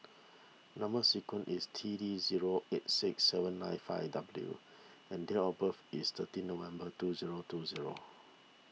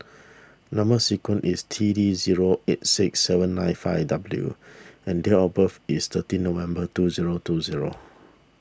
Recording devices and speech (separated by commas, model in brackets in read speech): mobile phone (iPhone 6), standing microphone (AKG C214), read sentence